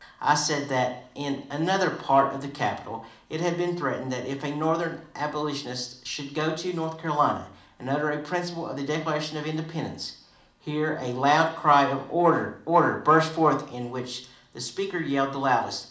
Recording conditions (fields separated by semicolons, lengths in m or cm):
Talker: one person; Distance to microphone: 2.0 m; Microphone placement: close; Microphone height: 99 cm; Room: medium-sized (5.7 m by 4.0 m); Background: none